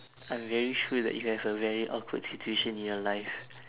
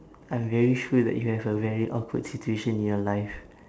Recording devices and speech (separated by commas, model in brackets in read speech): telephone, standing microphone, conversation in separate rooms